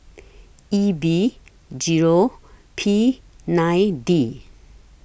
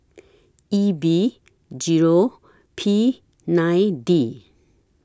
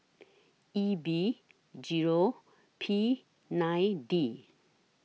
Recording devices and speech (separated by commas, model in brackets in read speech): boundary microphone (BM630), standing microphone (AKG C214), mobile phone (iPhone 6), read sentence